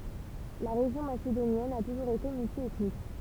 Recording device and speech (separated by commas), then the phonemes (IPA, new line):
temple vibration pickup, read sentence
la ʁeʒjɔ̃ masedonjɛn a tuʒuʁz ete myltjɛtnik